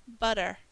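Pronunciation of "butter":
'Butter' is said the American English way, with a flap T: the t becomes a d sound.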